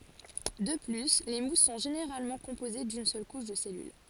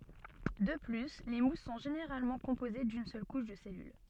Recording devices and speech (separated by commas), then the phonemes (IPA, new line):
forehead accelerometer, soft in-ear microphone, read sentence
də ply le mus sɔ̃ ʒeneʁalmɑ̃ kɔ̃poze dyn sœl kuʃ də sɛlyl